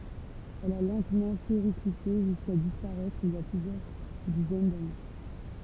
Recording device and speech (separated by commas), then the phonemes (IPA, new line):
temple vibration pickup, read sentence
ɛl a lɑ̃tmɑ̃ peʁiklite ʒyska dispaʁɛtʁ il i a plyzjœʁ dizɛn dane